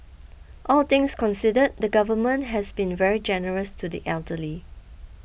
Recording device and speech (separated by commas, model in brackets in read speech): boundary microphone (BM630), read sentence